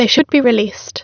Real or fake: fake